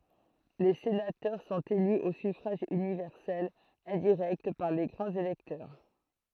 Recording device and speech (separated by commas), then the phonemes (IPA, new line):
throat microphone, read sentence
le senatœʁ sɔ̃t ely o syfʁaʒ ynivɛʁsɛl ɛ̃diʁɛkt paʁ le ɡʁɑ̃z elɛktœʁ